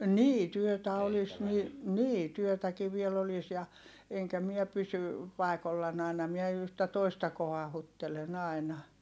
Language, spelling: Finnish, niin työtä olisi niin niin työtäkin vielä olisi ja enkä minä pysy paikoillani aina minä yhtä toista kohauttelen aina
- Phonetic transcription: nii työtä olis ni , nii , työtäki viel ‿olis ja , eŋkä miɛ pysy , pài̮kollan ‿ài̮na miɛ yhtä toista kohahuttelen ‿ài̮na .

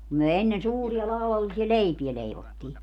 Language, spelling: Finnish, kun me ennen suuria laudallisia leipää leivottiin
- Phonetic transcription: (kum) myö 'ennen 'suuria 'lau₍alisia "leipiɛ 'leivottii .

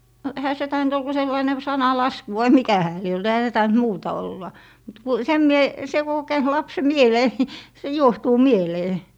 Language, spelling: Finnish, no eihän se tainnut olla kuin sellainen sananlasku vai mikä hän lie ollut eihän se tainnut muuta olla mutta kun sen minä se kun on käynyt lapsen mieleen niin se juohtuu mieleen
- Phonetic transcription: no 'ehä se 'taint ‿ol ku 'sellaine "sana'lasku vai "mikä 'hää lie olt 'ehä se 'taint "muuta 'olla , mut ku , 'sem mie , 'se ku o 'käynt 'lapse "mielee ni , se "juohtuu "mielee .

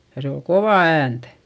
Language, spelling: Finnish, ja se oli kovaa ääntä
- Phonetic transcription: ja se ol kovà äänt .

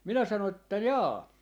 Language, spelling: Finnish, minä sanoin että jaa
- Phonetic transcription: 'minä sano että » 'jaa .

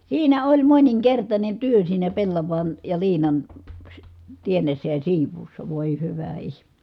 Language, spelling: Finnish, siinä oli moninkertainen työ siinä pellavan ja liinan - teennissä ja siivuussa voi hyvä ihme
- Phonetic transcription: siinä oĺ moniŋkertańen työ siinä pellavan , ja liinan , sy- , tiennessä ja siiv̆vuussa , vòi hyvä ihmE .

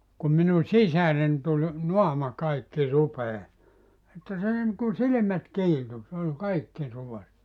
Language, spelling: Finnish, kun minun sisareni tuli naama kaikki rupea että se niin kuin silmät kiiltui se oli kaikki ruvessa
- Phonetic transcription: kum minu "sisären tul , "noama 'kaikki 'rupee , että se niŋku "silⁱmät 'kiiltu , sᵉ ‿ol 'kaikki 'ruve(ssa) .

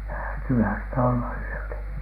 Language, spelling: Finnish, häätyyhän sitä olla yötä
- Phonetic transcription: häätyyhän sitä olla yötä .

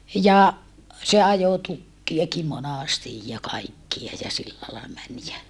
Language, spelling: Finnish, ja se ajoi tukkejakin monasti ja kaikkia ja sillä lailla meni ja
- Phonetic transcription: ja , se ajo tukkiaki monàstij ja kaikkia ja sillä lai män jä ,.

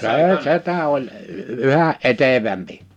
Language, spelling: Finnish, se setä oli yhä etevämpi
- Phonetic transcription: 'see 'setä oĺ , 'yhä’ ˈ’etevämpi .

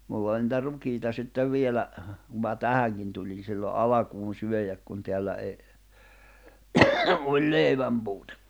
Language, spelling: Finnish, minulla oli niitä rukiita sitten vielä kun minä tähänkin tulin silloin alkuun syödä kun täällä ei ollut leivänpuute
- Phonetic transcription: mull ‿oĺ nⁱtä 'rukiita sittev 'vielä , kum ma "tähäŋkin tuĺin siilo "’alakuun syöjäk kun teällä eⁱ , oĺ 'lèivämpuutᴇ .

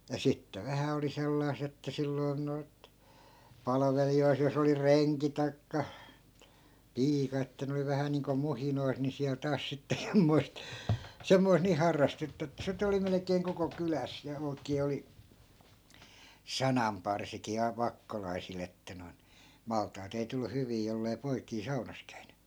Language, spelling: Finnish, ja sitten vähän oli sellaista että silloin noita palvelijoita jos oli renki tai piika että ne oli vähän niin kuin muhinoissa niin siellä taas sitten semmoista semmoista niin harrastetta että sitten oli melkein koko kylässä ja oikein oli sananparsiakin - vakkolaisilla että noin maltaat ei tullut hyviä jos ei poikia saunassa käynyt
- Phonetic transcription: ja "sitte 'vähä oli 'sellai̮s(ᵗ) ‿että 'silloi̮n noi̮t , 'palᵃvelijoi(t) 'jos ‿oli "reŋki tai̮kka , "piika että ne oli 'vähä niiŋko 'muhinois ni siäl 'taas sitte 'semmoi̮st , 'semmois nii 'harrastetta että 'sit ‿oli 'melek̀eeŋ koko 'kyläs ja 'oi̮k̀ee oli , "sanamparsikii a- , 'vakkolai̮sil ‿että noi̮in , 'malt̆taat ‿ei tullu 'hyvii jollei̮ 'poikii 'saunas käyNY .

